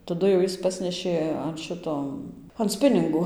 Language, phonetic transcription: Lithuanian, taˈdu jau ˈjis ˈpasnešė an ˈšito an ˈspiningo

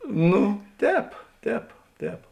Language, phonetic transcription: Lithuanian, ˈnu ˈtēp ˈtēp ˈtēp

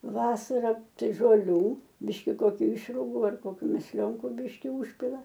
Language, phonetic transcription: Lithuanian, ˈvasara ˈtai žolˈių ˈbiški koˈkiu ˈišrugu ar koˈkių mesˈlionku ˈbiški ˈužpila

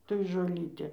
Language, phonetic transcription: Lithuanian, toj žoˈlytė

